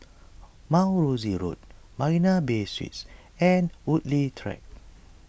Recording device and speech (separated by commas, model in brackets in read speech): boundary microphone (BM630), read sentence